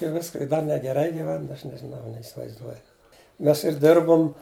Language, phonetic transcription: Lithuanian, i ˈviska i da negeˈrai giˈven ˈaš nežiˈnau neisivaizˈduoju ˈmes ir ˈdirbum

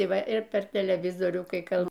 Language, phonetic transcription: Lithuanian, i ˈva ir ˈper teleˈvizorių kai ˈkal

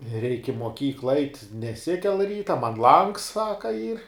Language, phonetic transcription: Lithuanian, reik' i moˈkykla ait' neˈsikel ˈryta man langs ˈsaka yr

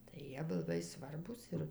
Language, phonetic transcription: Lithuanian, tai ˈjie ˈbuv laˈbai ˈsvarbūs ˈir

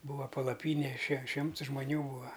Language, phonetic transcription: Lithuanian, ˈbūva palaˈpynė še ˈšimts žmoˈnių ˈbūa

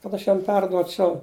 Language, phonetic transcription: Lithuanian, kad ˈaš ˈjam ˈperduočiau

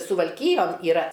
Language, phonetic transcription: Lithuanian, suvalˈkyjon yˈra

